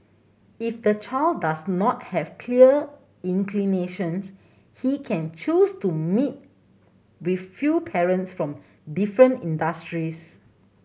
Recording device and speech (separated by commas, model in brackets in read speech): mobile phone (Samsung C7100), read sentence